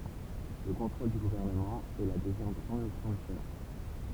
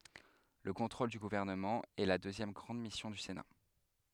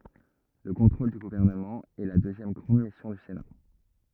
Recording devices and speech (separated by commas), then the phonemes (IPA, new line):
temple vibration pickup, headset microphone, rigid in-ear microphone, read sentence
lə kɔ̃tʁol dy ɡuvɛʁnəmɑ̃ ɛ la døzjɛm ɡʁɑ̃d misjɔ̃ dy sena